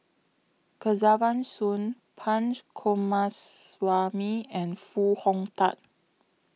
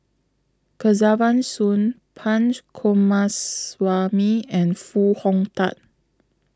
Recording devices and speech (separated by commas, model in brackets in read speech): mobile phone (iPhone 6), close-talking microphone (WH20), read sentence